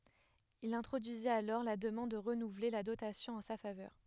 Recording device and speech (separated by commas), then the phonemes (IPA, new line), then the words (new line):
headset microphone, read sentence
il ɛ̃tʁodyizit alɔʁ la dəmɑ̃d də ʁənuvle la dotasjɔ̃ ɑ̃ sa favœʁ
Il introduisit alors la demande de renouveler la dotation en sa faveur.